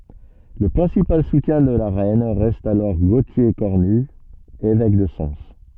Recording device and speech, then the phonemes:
soft in-ear microphone, read sentence
lə pʁɛ̃sipal sutjɛ̃ də la ʁɛn ʁɛst alɔʁ ɡotje kɔʁny evɛk də sɑ̃s

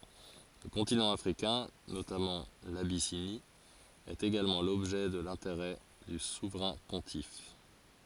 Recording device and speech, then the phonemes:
forehead accelerometer, read sentence
lə kɔ̃tinɑ̃ afʁikɛ̃ notamɑ̃ labisini ɛt eɡalmɑ̃ lɔbʒɛ də lɛ̃teʁɛ dy suvʁɛ̃ pɔ̃tif

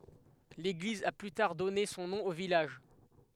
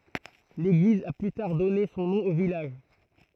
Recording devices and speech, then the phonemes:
headset microphone, throat microphone, read sentence
leɡliz a ply taʁ dɔne sɔ̃ nɔ̃ o vilaʒ

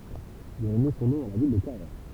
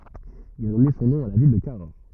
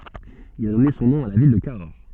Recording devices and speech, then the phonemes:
temple vibration pickup, rigid in-ear microphone, soft in-ear microphone, read sentence
il a dɔne sɔ̃ nɔ̃ a la vil də kaɔʁ

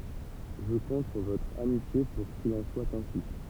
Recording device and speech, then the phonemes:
temple vibration pickup, read sentence
ʒə kɔ̃t syʁ votʁ amitje puʁ kil ɑ̃ swa ɛ̃si

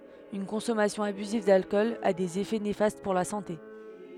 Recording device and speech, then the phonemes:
headset microphone, read sentence
yn kɔ̃sɔmasjɔ̃ abyziv dalkɔl a dez efɛ nefast puʁ la sɑ̃te

